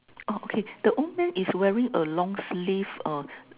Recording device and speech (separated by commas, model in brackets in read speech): telephone, conversation in separate rooms